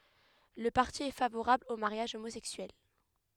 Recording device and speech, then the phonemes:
headset microphone, read sentence
lə paʁti ɛ favoʁabl o maʁjaʒ omozɛksyɛl

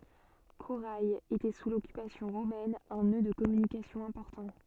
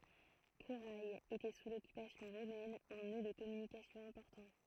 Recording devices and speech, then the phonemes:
soft in-ear microphone, throat microphone, read sentence
koʁɛ etɛ su lɔkypasjɔ̃ ʁomɛn œ̃ nø də kɔmynikasjɔ̃ ɛ̃pɔʁtɑ̃

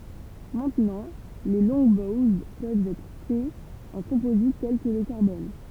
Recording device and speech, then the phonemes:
temple vibration pickup, read sentence
mɛ̃tnɑ̃ leə lɔ̃ɡbowz pøvt ɛtʁ fɛz ɑ̃ kɔ̃pozit tɛl kə lə kaʁbɔn

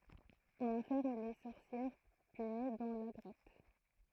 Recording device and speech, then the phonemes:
throat microphone, read sentence
ɔ̃n ɑ̃fɛʁm le sɔʁsjɛʁ pyni dɑ̃ la ɡʁɔt

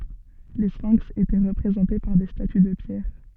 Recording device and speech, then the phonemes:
soft in-ear microphone, read sentence
le sfɛ̃ks etɛ ʁəpʁezɑ̃te paʁ de staty də pjɛʁ

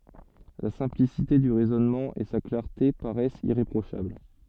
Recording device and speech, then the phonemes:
soft in-ear microphone, read sentence
la sɛ̃plisite dy ʁɛzɔnmɑ̃ e sa klaʁte paʁɛst iʁepʁoʃabl

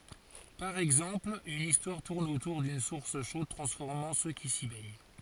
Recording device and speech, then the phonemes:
forehead accelerometer, read sentence
paʁ ɛɡzɑ̃pl yn istwaʁ tuʁn otuʁ dyn suʁs ʃod tʁɑ̃sfɔʁmɑ̃ sø ki si bɛɲ

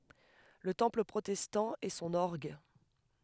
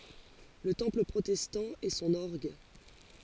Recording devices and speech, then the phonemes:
headset microphone, forehead accelerometer, read sentence
lə tɑ̃pl pʁotɛstɑ̃ e sɔ̃n ɔʁɡ

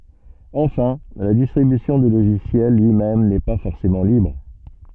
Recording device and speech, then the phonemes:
soft in-ear microphone, read sentence
ɑ̃fɛ̃ la distʁibysjɔ̃ dy loʒisjɛl lyi mɛm nɛ pa fɔʁsemɑ̃ libʁ

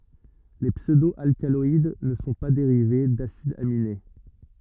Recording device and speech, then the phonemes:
rigid in-ear microphone, read sentence
le psødo alkalɔid nə sɔ̃ pa deʁive dasidz amine

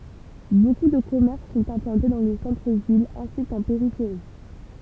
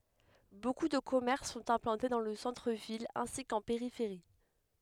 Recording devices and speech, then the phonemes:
temple vibration pickup, headset microphone, read sentence
boku də kɔmɛʁs sɔ̃t ɛ̃plɑ̃te dɑ̃ lə sɑ̃tʁ vil ɛ̃si kɑ̃ peʁifeʁi

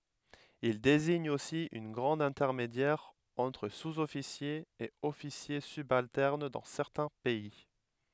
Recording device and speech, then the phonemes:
headset microphone, read sentence
il deziɲ osi œ̃ ɡʁad ɛ̃tɛʁmedjɛʁ ɑ̃tʁ suzɔfisjez e ɔfisje sybaltɛʁn dɑ̃ sɛʁtɛ̃ pɛi

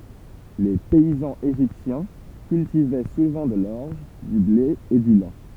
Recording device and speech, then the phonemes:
temple vibration pickup, read sentence
le pɛizɑ̃z eʒiptjɛ̃ kyltivɛ suvɑ̃ də lɔʁʒ dy ble e dy lɛ̃

